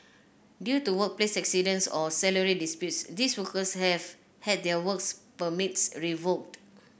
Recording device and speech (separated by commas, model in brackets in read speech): boundary microphone (BM630), read sentence